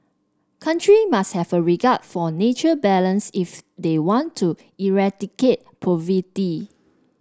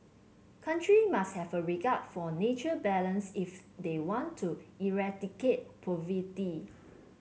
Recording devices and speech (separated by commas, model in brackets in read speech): standing microphone (AKG C214), mobile phone (Samsung C7), read sentence